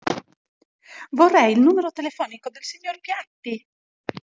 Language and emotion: Italian, happy